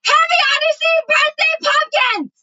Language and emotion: English, neutral